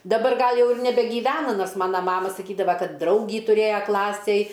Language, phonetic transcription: Lithuanian, daˈbar ˈgal ˈjau ir nebegyˈvena ˈnors ˈmana ˈmama saˈkydava ˈkad ˈdraugį tuˈrėja ˈklasėj

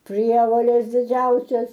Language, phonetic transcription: Lithuanian, ˈprievoles diˈdžiausias

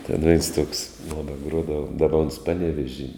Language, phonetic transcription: Lithuanian, ten veins tuoks ˈmona ˈgruodava ˈdaba ons ˈpaˌnevežy

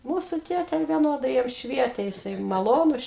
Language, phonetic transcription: Lithuanian, ˈmūsu ˈtėtė vieˈnodai ˈjam ˈšvietė jiˈsai maˈlonus

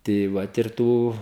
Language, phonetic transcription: Lithuanian, tai ˈvat ir ˈtų

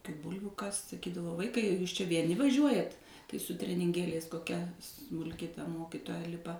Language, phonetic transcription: Lithuanian, kai ˈbulviu kast saˈkydavo ˈvaikai jūs čia vieˈni vaˈžiuojat tai su treninˈgėliais koˈkia smulˈki ta ˈmokitoja ˈlipa

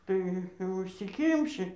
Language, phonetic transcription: Lithuanian, ˈtai užsiˈkimši

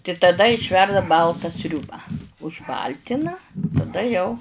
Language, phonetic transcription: Lithuanian, tai taˈda išˈverda ˈbalta ˈsriūba užˈbaltina taˈda jau

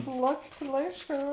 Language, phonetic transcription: Lithuanian, ˈslapˌtė ˈlaišˌkā

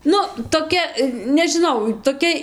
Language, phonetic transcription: Lithuanian, ˈnu toˈkia nežiˈnau toˈkia

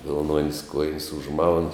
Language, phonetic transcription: Lithuanian, vilˈnuon's' ˈkuojin's' užˈmaun

